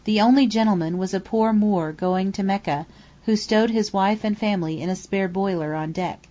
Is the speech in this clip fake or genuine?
genuine